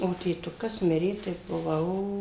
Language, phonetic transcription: Lithuanian, o tėˈtukas ˈmirė tai buˈvau

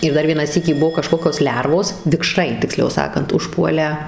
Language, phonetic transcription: Lithuanian, ir ˈdar ˈvieną ˈsykį ˈbuo kaˈžkokios ˈlervos vikˈšrai tikˈsliau ˈsakant užˈpuolę

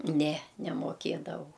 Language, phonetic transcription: Lithuanian, ˈne nemoˈkėdavau

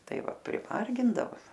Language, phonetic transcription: Lithuanian, ˈtai ˈva priˈmargindavo

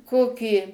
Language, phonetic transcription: Lithuanian, ˈkokį

